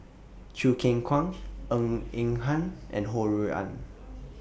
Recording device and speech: boundary microphone (BM630), read sentence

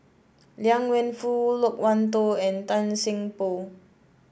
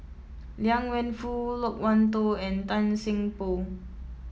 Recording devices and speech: boundary microphone (BM630), mobile phone (iPhone 7), read sentence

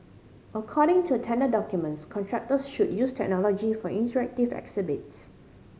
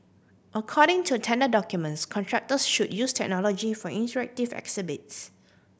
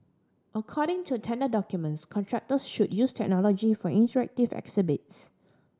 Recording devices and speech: mobile phone (Samsung C5010), boundary microphone (BM630), standing microphone (AKG C214), read sentence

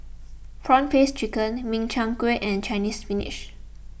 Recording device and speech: boundary microphone (BM630), read sentence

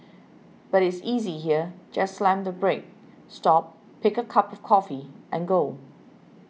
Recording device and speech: mobile phone (iPhone 6), read sentence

